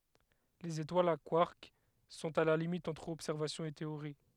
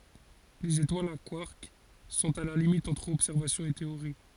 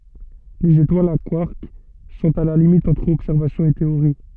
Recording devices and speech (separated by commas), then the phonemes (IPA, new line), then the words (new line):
headset microphone, forehead accelerometer, soft in-ear microphone, read sentence
lez etwalz a kwaʁk sɔ̃t a la limit ɑ̃tʁ ɔbsɛʁvasjɔ̃ e teoʁi
Les étoiles à quarks sont à la limite entre observation et théorie.